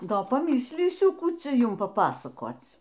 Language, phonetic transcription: Lithuanian, ˈdo paˈmislysiu ˈkų ˈcia ˈjum paˈpasakoc

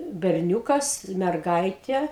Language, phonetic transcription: Lithuanian, berˈniūkas merˈgaitie

